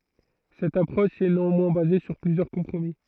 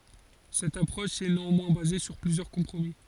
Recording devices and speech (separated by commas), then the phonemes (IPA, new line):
throat microphone, forehead accelerometer, read sentence
sɛt apʁɔʃ ɛ neɑ̃mwɛ̃ baze syʁ plyzjœʁ kɔ̃pʁomi